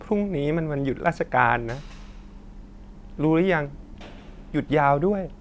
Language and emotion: Thai, sad